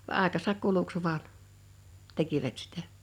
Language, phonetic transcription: Finnish, va '’àekasak 'kuluks 'vaan , 'tekivät sitᴀ̈ .
- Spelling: vaan aikansa kuluksi vain tekivät sitä

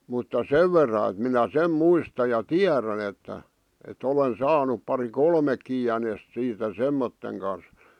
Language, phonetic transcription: Finnish, mutta "sev verra et minä "sem "muista ja "tiärän ‿että , e't ‿olen 'saanup pari "kolmekki jänest siitä "semmotteŋ kan̬s .
- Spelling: mutta sen verran että minä sen muistan ja tiedän että että olen saanut pari kolmekin jänistä siitä semmoisen kanssa

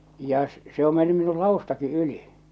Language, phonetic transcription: Finnish, ja s- , se ‿o 'menny minu "laustaki '’yli .
- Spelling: ja - se on mennyt minun ladustakin yli

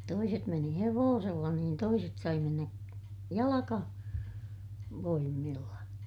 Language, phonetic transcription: Finnish, toiset meni hevoosella niin toiset sai mennä , jalaka- , -voimmiilla .
- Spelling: toiset meni hevosella niin toiset sai mennä - jalkavoimilla

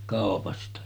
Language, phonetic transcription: Finnish, kàopasta .
- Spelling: kaupasta

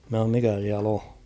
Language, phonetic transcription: Finnish, mä h̬aom » 'mikä siäl ‿'o ? «
- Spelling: minä sanoin mikä siellä on

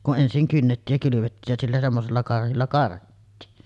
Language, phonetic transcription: Finnish, kun 'ˀensiŋ kynnettiij ja kylyvettiij jä sillä 'semmosella karhilla karhittiin .
- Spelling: kun ensin kynnettiin ja kylvettiin ja sillä semmoisella karhilla karhittiin

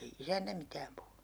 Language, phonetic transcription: Finnish, 'ei "isäntä mitääm puhunU .
- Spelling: ei isäntä mitään puhunut

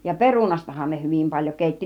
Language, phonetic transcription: Finnish, ja "perunastahan ne 'hyvim paĺjo 'kèitti .
- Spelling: ja perunastahan ne hyvin paljon keitti

